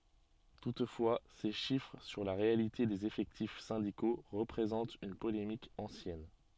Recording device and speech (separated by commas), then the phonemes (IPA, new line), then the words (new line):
soft in-ear microphone, read sentence
tutfwa se ʃifʁ syʁ la ʁealite dez efɛktif sɛ̃diko ʁəpʁezɑ̃t yn polemik ɑ̃sjɛn
Toutefois ces chiffres sur la réalité des effectifs syndicaux représente une polémique ancienne.